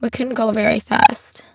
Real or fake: fake